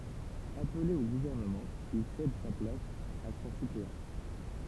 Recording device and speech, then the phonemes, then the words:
temple vibration pickup, read sentence
aple o ɡuvɛʁnəmɑ̃ il sɛd sa plas a sɔ̃ sypleɑ̃
Appelé au gouvernement, il cède sa place à son suppléant.

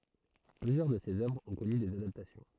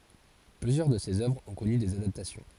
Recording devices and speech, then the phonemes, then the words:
throat microphone, forehead accelerometer, read sentence
plyzjœʁ də sez œvʁz ɔ̃ kɔny dez adaptasjɔ̃
Plusieurs de ses œuvres ont connu des adaptations.

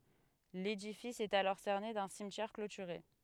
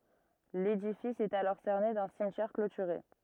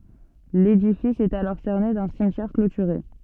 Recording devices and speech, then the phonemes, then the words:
headset microphone, rigid in-ear microphone, soft in-ear microphone, read sentence
ledifis ɛt alɔʁ sɛʁne dœ̃ simtjɛʁ klotyʁe
L’édifice est alors cerné d’un cimetière clôturé.

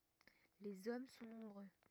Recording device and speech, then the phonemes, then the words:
rigid in-ear microphone, read sentence
lez ɔm sɔ̃ nɔ̃bʁø
Les hommes sont nombreux.

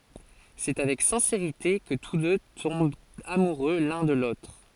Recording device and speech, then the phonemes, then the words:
forehead accelerometer, read sentence
sɛ avɛk sɛ̃seʁite kə tus dø tɔ̃bt amuʁø lœ̃ də lotʁ
C’est avec sincérité que tous deux tombent amoureux l'un de l'autre.

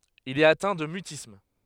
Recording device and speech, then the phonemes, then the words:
headset microphone, read sentence
il ɛt atɛ̃ də mytism
Il est atteint de mutisme.

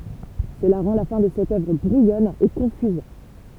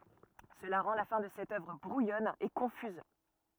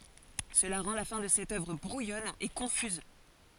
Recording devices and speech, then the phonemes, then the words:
temple vibration pickup, rigid in-ear microphone, forehead accelerometer, read sentence
səla ʁɑ̃ la fɛ̃ də sɛt œvʁ bʁujɔn e kɔ̃fyz
Cela rend la fin de cette œuvre brouillonne et confuse.

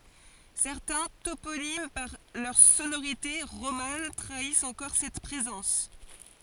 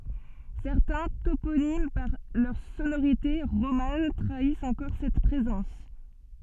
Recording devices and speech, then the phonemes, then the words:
forehead accelerometer, soft in-ear microphone, read sentence
sɛʁtɛ̃ toponim paʁ lœʁ sonoʁite ʁoman tʁaist ɑ̃kɔʁ sɛt pʁezɑ̃s
Certains toponymes par leurs sonorités romanes trahissent encore cette présence.

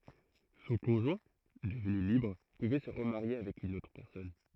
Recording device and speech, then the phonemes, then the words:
throat microphone, read sentence
sɔ̃ kɔ̃ʒwɛ̃ dəvny libʁ puvɛ sə ʁəmaʁje avɛk yn otʁ pɛʁsɔn
Son conjoint, devenu libre pouvait se remarier avec une autre personne.

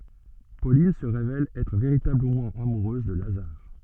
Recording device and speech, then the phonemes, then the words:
soft in-ear microphone, read sentence
polin sə ʁevɛl ɛtʁ veʁitabləmɑ̃ amuʁøz də lazaʁ
Pauline se révèle être véritablement amoureuse de Lazare.

